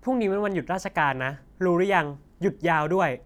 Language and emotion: Thai, neutral